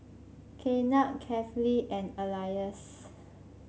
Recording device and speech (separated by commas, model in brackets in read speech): mobile phone (Samsung C5), read sentence